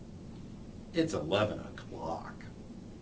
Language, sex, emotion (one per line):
English
male
disgusted